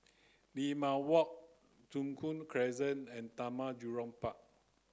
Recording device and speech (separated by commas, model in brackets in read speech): close-talking microphone (WH30), read sentence